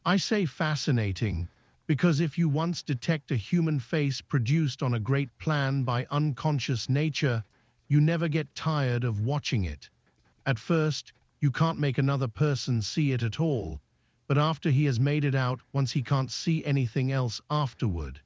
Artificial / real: artificial